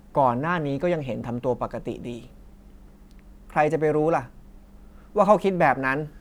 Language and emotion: Thai, frustrated